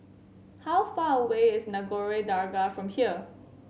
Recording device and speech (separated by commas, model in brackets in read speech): mobile phone (Samsung C7100), read sentence